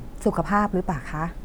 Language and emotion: Thai, neutral